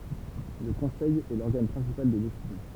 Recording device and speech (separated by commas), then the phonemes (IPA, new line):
temple vibration pickup, read sentence
lə kɔ̃sɛj ɛ lɔʁɡan pʁɛ̃sipal də desizjɔ̃